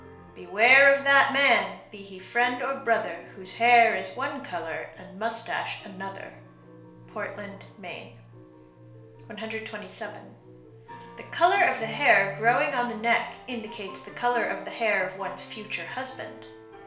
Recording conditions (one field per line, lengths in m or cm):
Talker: one person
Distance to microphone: 1.0 m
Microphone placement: close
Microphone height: 1.1 m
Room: small (3.7 m by 2.7 m)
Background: music